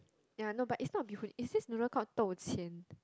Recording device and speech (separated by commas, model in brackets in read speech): close-talking microphone, conversation in the same room